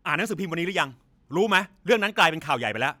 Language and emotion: Thai, angry